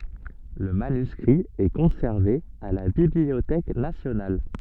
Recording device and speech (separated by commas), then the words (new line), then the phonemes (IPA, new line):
soft in-ear microphone, read sentence
Le manuscrit est conservé à la Bibliothèque nationale.
lə manyskʁi ɛ kɔ̃sɛʁve a la bibliotɛk nasjonal